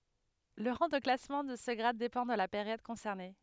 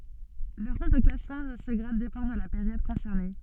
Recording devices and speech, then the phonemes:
headset microphone, soft in-ear microphone, read sentence
lə ʁɑ̃ də klasmɑ̃ də sə ɡʁad depɑ̃ də la peʁjɔd kɔ̃sɛʁne

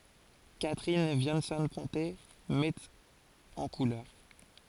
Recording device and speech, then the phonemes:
forehead accelerometer, read sentence
katʁin vjɑ̃sɔ̃ pɔ̃te mɛt ɑ̃ kulœʁ

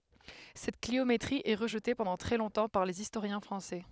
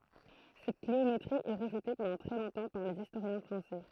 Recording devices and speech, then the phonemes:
headset microphone, throat microphone, read sentence
sɛt kliometʁi ɛ ʁəʒte pɑ̃dɑ̃ tʁɛ lɔ̃tɑ̃ paʁ lez istoʁjɛ̃ fʁɑ̃sɛ

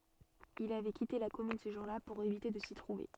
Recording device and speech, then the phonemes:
soft in-ear microphone, read sentence
il avɛ kite la kɔmyn sə ʒuʁ la puʁ evite də si tʁuve

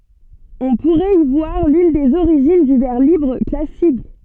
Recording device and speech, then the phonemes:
soft in-ear microphone, read sentence
ɔ̃ puʁɛt i vwaʁ lyn dez oʁiʒin dy vɛʁ libʁ klasik

